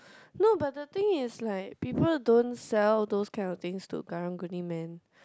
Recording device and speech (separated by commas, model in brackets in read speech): close-talking microphone, conversation in the same room